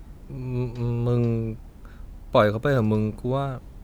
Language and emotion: Thai, frustrated